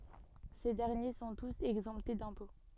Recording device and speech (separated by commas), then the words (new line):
soft in-ear microphone, read sentence
Ces derniers sont tous exemptés d'impôts.